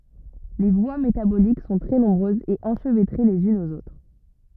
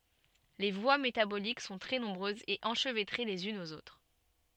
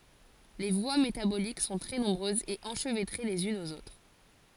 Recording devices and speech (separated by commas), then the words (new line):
rigid in-ear microphone, soft in-ear microphone, forehead accelerometer, read sentence
Les voies métaboliques sont très nombreuses et enchevêtrées les unes aux autres.